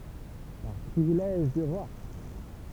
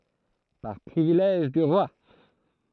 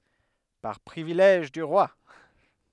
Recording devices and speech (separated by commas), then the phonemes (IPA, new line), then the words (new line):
temple vibration pickup, throat microphone, headset microphone, read sentence
paʁ pʁivilɛʒ dy ʁwa
Par privilège du roi.